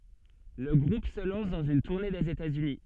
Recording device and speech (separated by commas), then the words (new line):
soft in-ear microphone, read sentence
Le groupe se lance dans une tournée des États-Unis.